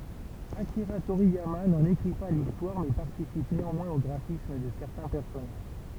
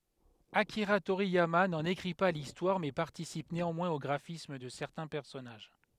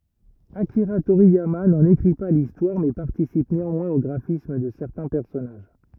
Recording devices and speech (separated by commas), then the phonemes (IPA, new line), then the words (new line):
temple vibration pickup, headset microphone, rigid in-ear microphone, read sentence
akiʁa toʁijama nɑ̃n ekʁi pa listwaʁ mɛ paʁtisip neɑ̃mwɛ̃z o ɡʁafism də sɛʁtɛ̃ pɛʁsɔnaʒ
Akira Toriyama n'en écrit pas l'histoire mais participe néanmoins au graphisme de certains personnages.